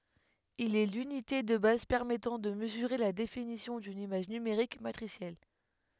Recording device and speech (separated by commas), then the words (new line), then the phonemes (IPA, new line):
headset microphone, read sentence
Il est l'unité de base permettant de mesurer la définition d'une image numérique matricielle.
il ɛ lynite də baz pɛʁmɛtɑ̃ də məzyʁe la definisjɔ̃ dyn imaʒ nymeʁik matʁisjɛl